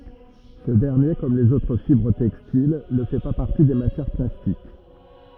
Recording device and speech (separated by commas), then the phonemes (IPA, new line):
rigid in-ear microphone, read sentence
sə dɛʁnje kɔm lez otʁ fibʁ tɛkstil nə fɛ pa paʁti de matjɛʁ plastik